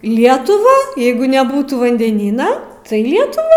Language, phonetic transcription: Lithuanian, ˈlietuvą ˈjeigu neˈbūtų vandeˈnyna tai ˈlietuvą

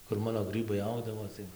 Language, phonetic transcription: Lithuanian, kur ˈmano ˈgrɨbai ˈaugdavo tai

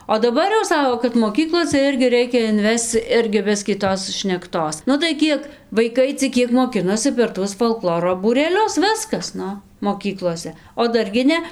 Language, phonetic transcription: Lithuanian, o daˈbar jau ˈsako kad moˈkyklose ˈirgi ˈreikia inˈvesc ˈirgi ˈbiskį ˈtos šnekˈtos nu tai ˈkiek vaiˈkai cik ˈkiek moˈkinosi per ˈtuos folˈkloro būreˈlius ˈviskas ˈnu moˈkyklose o ˈdar gi ˈne

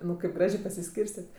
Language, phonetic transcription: Lithuanian, ˈnu kaip ˈgražė pasiˈskyrstet'

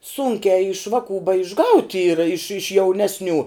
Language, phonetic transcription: Lithuanian, ˈsūnkiā iš ˈvaˌkų baišˈgaut' ˈyra iš iš ˈjauˌnesˌnių

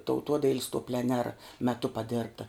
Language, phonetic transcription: Lithuanian, tauˈtuodail's' to pleˈnera meˈtu paˈdirbta

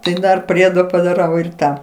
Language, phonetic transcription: Lithuanian, ˈtai ˈdar ˈpriedo padaˈrau ir ˈtą

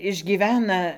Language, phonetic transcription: Lithuanian, išgyˈvena

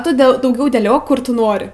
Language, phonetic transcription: Lithuanian, ˈtu ˈdel dauˈgiau dėˈliok ˈkur tu ˈnori

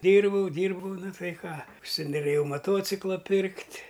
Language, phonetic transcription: Lithuanian, ˈdyrbau ˈdyrbau ˈna ˈtai ˈką užsinoˈrėjau maˈtociklą ˈpirkt'

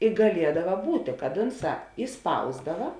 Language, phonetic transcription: Lithuanian, i gaˈliedava ˈbūtė kad ˈunˌsā iˈspausdava

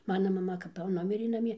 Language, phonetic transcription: Lithuanian, ˈmana maˈma kap jau ˈnumirė naˈmie

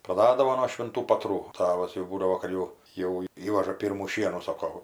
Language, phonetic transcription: Lithuanian, praˈdadavo no švinˈtų patˈrų ˈtavas jau ˈbūdavo kad jau jau ˈįvaža ˈpyrmų ˈšienų ˈsoko

